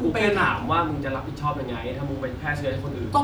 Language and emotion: Thai, frustrated